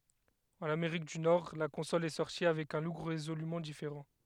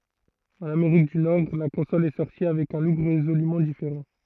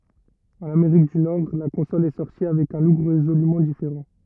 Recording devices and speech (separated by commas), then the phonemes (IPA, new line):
headset microphone, throat microphone, rigid in-ear microphone, read sentence
ɑ̃n ameʁik dy nɔʁ la kɔ̃sɔl ɛ sɔʁti avɛk œ̃ luk ʁezolymɑ̃ difeʁɑ̃